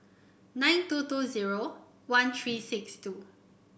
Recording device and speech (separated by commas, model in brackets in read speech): boundary microphone (BM630), read sentence